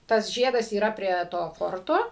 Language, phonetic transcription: Lithuanian, tas ˈžiedas yˈra prie ˈto ˈforto

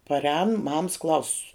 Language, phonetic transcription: Lithuanian, parˈēnu mams ˈklausu

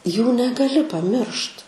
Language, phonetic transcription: Lithuanian, ˈjų negaˈli paˈmiršt

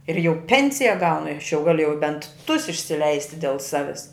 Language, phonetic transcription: Lithuanian, ir jau ˈpensija ˈgaunu i aš jau ˈgaliu jau bent tus išsiˈleisti del ˈsavis

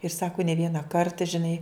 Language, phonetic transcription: Lithuanian, ir ˈsaku ne ˈviena ˈkarta žiˈnai

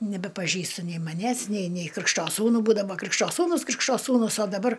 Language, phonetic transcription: Lithuanian, nebepaˈžįsta nei maˈnęs nei nei ˈkrikšto ˈsūnu ˈbūdavo ˈkrikšto ˈsūnus ˈkrikšo ˈsūnus o daˈbar

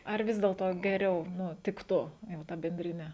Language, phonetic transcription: Lithuanian, ar ˈvis dėlto geˈriau ˈnu ˈtiktu jau ˈta bendriˈne

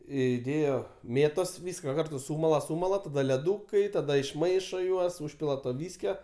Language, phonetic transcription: Lithuanian, įˈdėjo ˈmėtos ˈvyska ˈkartu ˈsūmala ˈsūmala taˈda leˈdūkai taˈda išˈmaišo ˈjuos ˈūžpila to ˈvyskio

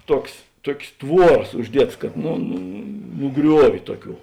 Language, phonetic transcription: Lithuanian, ˈtuoks ˈtuok's' ˈtvuoras užˈdietas kad nu nu ˈgriuoviu ˈtuoˌkių

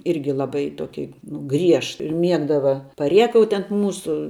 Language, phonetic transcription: Lithuanian, ˈirgi laˈbai ˈtoki nu ˈgriež ir ˈmiegdava paˈriekauti ant ˈmūsu

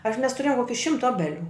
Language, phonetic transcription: Lithuanian, aš mes tuˈrėjom ˈkoki ˈšimta ˈobeˌlių

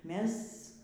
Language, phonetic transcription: Lithuanian, ˈmes

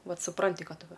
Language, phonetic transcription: Lithuanian, ˈvat suˈpranti ˈkad ˈva

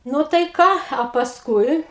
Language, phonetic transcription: Lithuanian, ˈnu tai ˈką a pasˈkui

